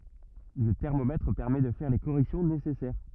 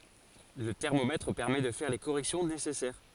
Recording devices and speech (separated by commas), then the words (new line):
rigid in-ear microphone, forehead accelerometer, read sentence
Le thermomètre permet de faire les corrections nécessaires.